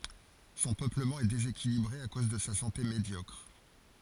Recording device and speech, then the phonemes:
forehead accelerometer, read sentence
sɔ̃ pøpləmɑ̃ ɛ dezekilibʁe a koz də sa sɑ̃te medjɔkʁ

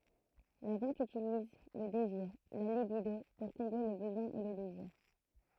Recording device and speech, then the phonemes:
throat microphone, read sentence
la vɑ̃t ytiliz lə deziʁ la libido puʁ kɔ̃ble lə bəzwɛ̃ e lə deziʁ

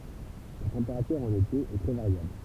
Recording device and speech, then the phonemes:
temple vibration pickup, read sentence
la tɑ̃peʁatyʁ ɑ̃n ete ɛ tʁɛ vaʁjabl

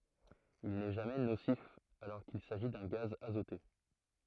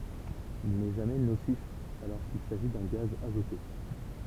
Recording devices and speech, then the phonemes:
throat microphone, temple vibration pickup, read sentence
il nɛ ʒamɛ nosif alɔʁ kil saʒi dœ̃ ɡaz azote

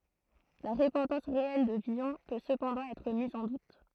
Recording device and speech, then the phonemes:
throat microphone, read sentence
la ʁəpɑ̃tɑ̃s ʁeɛl də vilɔ̃ pø səpɑ̃dɑ̃ ɛtʁ miz ɑ̃ dut

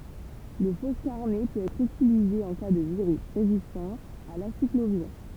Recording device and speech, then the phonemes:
temple vibration pickup, read sentence
lə fɔskaʁnɛ pøt ɛtʁ ytilize ɑ̃ ka də viʁys ʁezistɑ̃ a lasikloviʁ

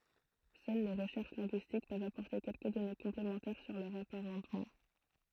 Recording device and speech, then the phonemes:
throat microphone, read sentence
sœl le ʁəʃɛʁʃ lɛ̃ɡyistik pøvt apɔʁte kɛlkə dɔne kɔ̃plemɑ̃tɛʁ syʁ lœʁz apaʁɑ̃tmɑ̃

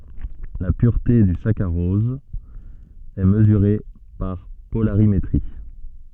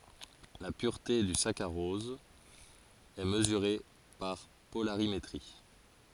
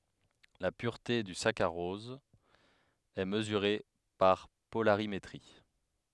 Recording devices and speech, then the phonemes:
soft in-ear microphone, forehead accelerometer, headset microphone, read sentence
la pyʁte dy sakaʁɔz ɛ məzyʁe paʁ polaʁimetʁi

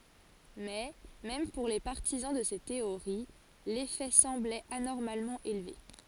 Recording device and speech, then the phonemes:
forehead accelerometer, read sentence
mɛ mɛm puʁ le paʁtizɑ̃ də se teoʁi lefɛ sɑ̃blɛt anɔʁmalmɑ̃ elve

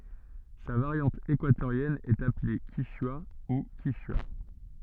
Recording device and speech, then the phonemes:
soft in-ear microphone, read sentence
sa vaʁjɑ̃t ekwatoʁjɛn ɛt aple kiʃwa u kiʃya

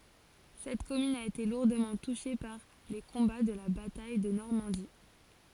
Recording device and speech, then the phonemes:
forehead accelerometer, read sentence
sɛt kɔmyn a ete luʁdəmɑ̃ tuʃe paʁ le kɔ̃ba də la bataj də nɔʁmɑ̃di

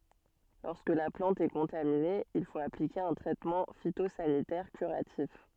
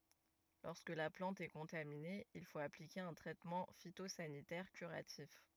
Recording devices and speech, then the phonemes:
soft in-ear microphone, rigid in-ear microphone, read sentence
lɔʁskə la plɑ̃t ɛ kɔ̃tamine il fot aplike œ̃ tʁɛtmɑ̃ fitozanitɛʁ kyʁatif

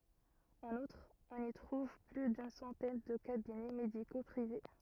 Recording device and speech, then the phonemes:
rigid in-ear microphone, read sentence
ɑ̃n utʁ ɔ̃n i tʁuv ply dyn sɑ̃tɛn də kabinɛ mediko pʁive

